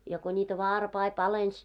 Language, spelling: Finnish, ja kun niitä varpaita palelsi
- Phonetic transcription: ja ko ńiitä "vaarpai 'palens .

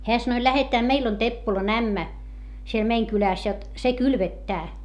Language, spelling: Finnish, hän sanoi lähdetään meille on Teppolan ämmä siellä meidän kylässä jotta se kylvettää
- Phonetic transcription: heä sanoⁱ » lähetää meil ‿on Teppolan ‿ämmä , siel meiŋ kylä̀s jot , se kylvettää » .

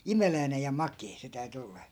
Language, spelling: Finnish, imeläinen ja makea se täytyi olla
- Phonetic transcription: "imeläinej ja "makee se 'täy̬ty ollA .

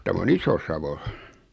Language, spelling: Finnish, tämä on Iso-Savo
- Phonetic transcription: 'täm ‿o'n ‿Isosavo .

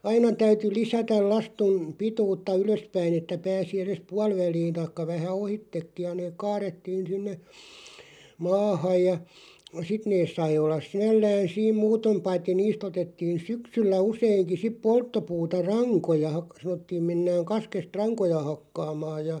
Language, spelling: Finnish, aina täytyi lisätä lastujen pituutta ylöspäin että pääsi edes puoliväliin tai vähän ohitsekin ja ne kaarrettiin sinne maahan ja sitten ne sai olla sinällään siinä muuten paitsi niistä otettiin syksyllä useinkin sitten polttopuuta rankoja - sanottiin mennään kaskesta rankoja hakkaamaan ja
- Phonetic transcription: 'aina täyty "lisätäl 'lastuᵐ , 'pituutta "ylöspäin ‿että 'pääsi 'eres "pual'väliin̬ taⁱkka 'vähä "ohittekkiʲ ja neeᵏ 'kaarettiin̬ 'sinne , "maahàj ja , 'sit nees 'sai ollas "sinällään̬ 'siim "muutom 'paitti 'niis't ‿otettiin̬ "syksyllä 'useiŋki sip "polttopuuta "raŋkoja , hak- , 'sanottiim 'mennääŋ 'kaskest "raŋkoja 'hakkaamaaj ja .

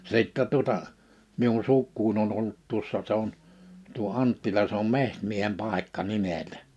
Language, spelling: Finnish, sitten tuota minun sukuani on ollut tuossa se on tuo Anttila se on Metsämiehen paikka nimeltä
- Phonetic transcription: 'sìttɛ tuᵒta , 'miun "sukkuuń ‿on 'ollut 'tuossa se ‿on , tuo 'Anttila se ‿om "Mehtmiehem 'pàikka "nimeltᴀ̈ .

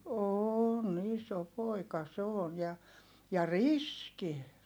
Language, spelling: Finnish, on iso poika se on ja ja riski
- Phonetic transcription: oon ‿iso pòika se on ja , ja riski .

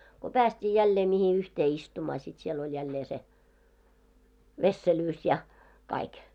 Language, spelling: Finnish, kun päästiin jälleen mihin yhteen istumaan sitten siellä oli jälleen se vesselyys ja kaikki
- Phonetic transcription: ko 'pääst́ii 'jällee mihi 'yhtee 'istumaa sit siel ‿oĺ jällee se , "vesselyys ja , 'kaik .

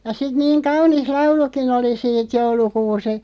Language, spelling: Finnish, ja sitten niin kaunis laulukin oli siitä joulukuusi
- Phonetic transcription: ja sit 'niiŋ "kaunis 'lauluki'n ‿oli siit 'joulukuus(i) ,.

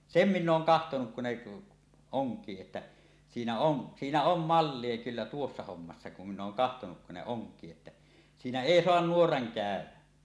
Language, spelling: Finnish, sen minä olen katsonut kun ne onkii että siinä on siinä on mallia kyllä tuossa hommassa kun minä olen katsonut kun ne onkii että siinä ei saa nuora käydä
- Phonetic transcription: sem 'minn ‿ooŋ kahtonuk kun ne , "oŋk̀ii että , 'siinä 'on , siinä om "mallie 'kyllä 'tuossa 'hommassa kum min̆n ‿ooŋ kahtonuk kun ne 'oŋk̀ii että , siinä "èi 'soan "nuoraŋ 'kä̀ö̭wä .

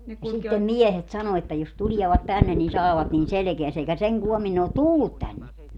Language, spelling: Finnish, sitten miehet sanoi että jos tulevat tänne niin saavat niin selkäänsä eikä sen koommin ne ole tullut tänne
- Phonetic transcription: sittem "miɛhet 'sano että jos "tuliɛvat 'tänne nin 'saavat nin "selᵉkeäsä - eikä "seŋ 'kuomin ne ot "tullut 'tänne .

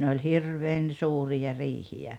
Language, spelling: Finnish, ne oli hirveän suuria riihiä
- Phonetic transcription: 'ne oĺ "hirveen "suurija "riihi₍ä .

